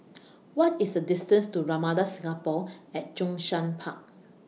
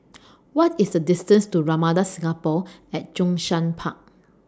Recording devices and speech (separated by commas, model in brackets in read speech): mobile phone (iPhone 6), standing microphone (AKG C214), read sentence